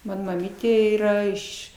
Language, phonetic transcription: Lithuanian, ˈmano maˈmytė ˈyra ˈiš

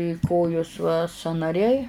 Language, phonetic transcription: Lithuanian, i ˈkojos va sąnaˈriai

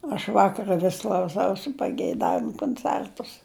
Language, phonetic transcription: Lithuanian, aš ˈvakara vis klauˈsausi pageiˈdavimu konˈcertus

